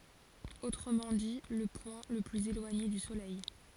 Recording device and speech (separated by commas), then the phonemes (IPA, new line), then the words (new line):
forehead accelerometer, read sentence
otʁəmɑ̃ di lə pwɛ̃ lə plyz elwaɲe dy solɛj
Autrement dit, le point le plus éloigné du Soleil.